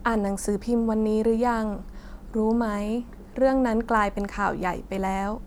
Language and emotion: Thai, neutral